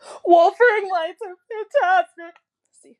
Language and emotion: English, sad